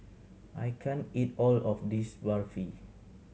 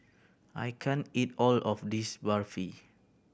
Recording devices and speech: mobile phone (Samsung C7100), boundary microphone (BM630), read sentence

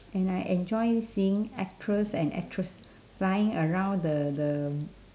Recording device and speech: standing microphone, conversation in separate rooms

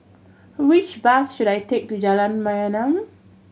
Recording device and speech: mobile phone (Samsung C7100), read sentence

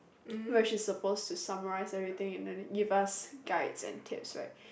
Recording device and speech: boundary microphone, conversation in the same room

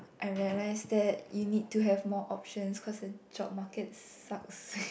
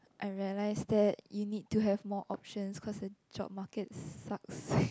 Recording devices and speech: boundary microphone, close-talking microphone, conversation in the same room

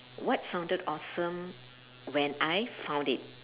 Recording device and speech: telephone, conversation in separate rooms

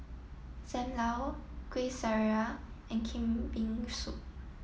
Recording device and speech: mobile phone (iPhone 7), read sentence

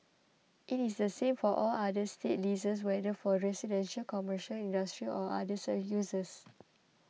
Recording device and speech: mobile phone (iPhone 6), read sentence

